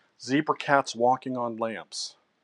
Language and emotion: English, disgusted